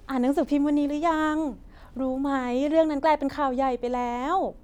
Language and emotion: Thai, happy